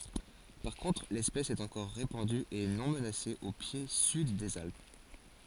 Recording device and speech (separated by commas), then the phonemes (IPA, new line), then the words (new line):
forehead accelerometer, read sentence
paʁ kɔ̃tʁ lɛspɛs ɛt ɑ̃kɔʁ ʁepɑ̃dy e nɔ̃ mənase o pje syd dez alp
Par contre l’espèce est encore répandue et non menacée au pied sud des Alpes.